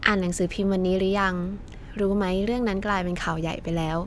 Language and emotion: Thai, neutral